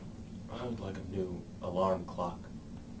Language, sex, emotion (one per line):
English
male
neutral